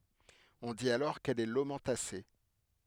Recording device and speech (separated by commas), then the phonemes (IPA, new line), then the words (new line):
headset microphone, read sentence
ɔ̃ dit alɔʁ kɛl ɛ lomɑ̃tase
On dit alors qu'elle est lomentacée.